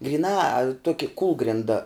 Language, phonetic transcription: Lithuanian, gryˈnā ˈtuoki ˈkūlgrinda

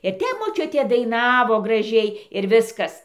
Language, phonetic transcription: Lithuanian, ir ˈtep moˈčiutė daiˈnavo graˈžiai ir ˈviskas

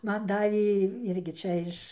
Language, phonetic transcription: Lithuanian, ˈman ˈdavė ˈirgi ˈčia iš

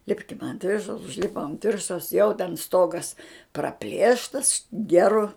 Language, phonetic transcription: Lithuanian, ˈlipkim ant ˈviršaus užˈlipom ant ˈviršaus jau ten ˈstogas praˈplėštas ˈgeru

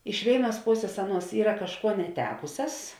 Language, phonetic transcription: Lithuanian, iš ˈvėiˌnuos ˈposės ˈaˌnuos ˈyra kažˈkuo neˈtekusias

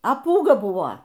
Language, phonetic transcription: Lithuanian, a ˈpūga ˈbuvo

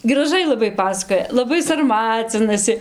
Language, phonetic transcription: Lithuanian, graˈžai laˈbai ˈpasakoja laˈbai sarˈmacinasi

